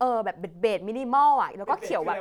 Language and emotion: Thai, neutral